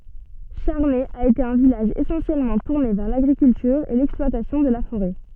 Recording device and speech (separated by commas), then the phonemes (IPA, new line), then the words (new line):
soft in-ear microphone, read sentence
ʃaʁnɛ a ete œ̃ vilaʒ esɑ̃sjɛlmɑ̃ tuʁne vɛʁ laɡʁikyltyʁ e lɛksplwatasjɔ̃ də la foʁɛ
Charnay a été un village essentiellement tourné vers l'agriculture et l'exploitation de la forêt.